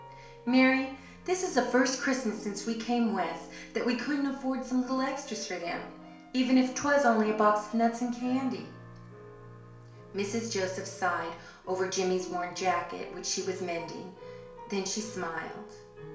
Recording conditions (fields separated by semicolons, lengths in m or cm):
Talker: one person; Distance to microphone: 1.0 m; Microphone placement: close; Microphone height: 1.1 m; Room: small (3.7 m by 2.7 m); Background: music